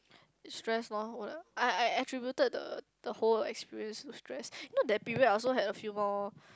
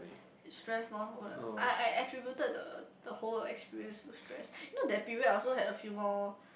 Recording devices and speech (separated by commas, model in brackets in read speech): close-talking microphone, boundary microphone, conversation in the same room